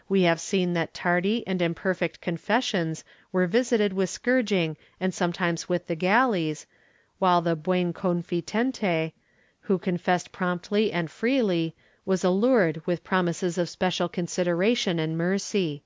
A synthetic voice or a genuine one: genuine